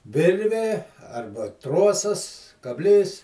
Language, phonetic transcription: Lithuanian, ˈvirvė ˈarba ˈtrosas kabˈlys

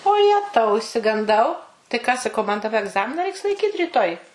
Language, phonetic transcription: Lithuanian, o ˈjetau išsiganˈdau tai ką saˈkau man daˈba egˈzamina ˈreiks laiˈkyt ryˈtoj

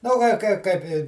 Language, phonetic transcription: Lithuanian, nu ˈgal' ˈkai ˈkaip i

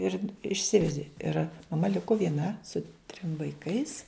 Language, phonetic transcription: Lithuanian, ir išˈsivedi ir maˈma ˈliku vieˈna su trim vaiˈkais

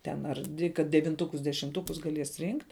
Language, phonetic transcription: Lithuanian, ten ar ˈdvi kad devinˈtukus dešimˈtukus gaˈlies ˈrynkt'

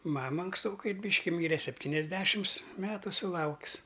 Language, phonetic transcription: Lithuanian, ˈmama anksˈtokai ˈbyški ˈmyre sepˈtyniasˌdešims ˈmetu suˈlauks

